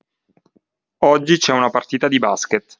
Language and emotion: Italian, neutral